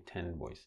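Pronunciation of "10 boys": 'Ten boys' is said slowly and enunciated very clearly.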